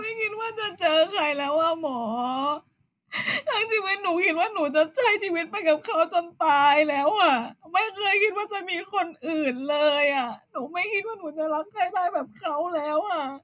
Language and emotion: Thai, sad